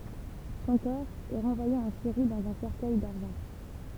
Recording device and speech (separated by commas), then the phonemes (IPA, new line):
temple vibration pickup, read sentence
sɔ̃ kɔʁ ɛ ʁɑ̃vwaje ɑ̃ siʁi dɑ̃z œ̃ sɛʁkœj daʁʒɑ̃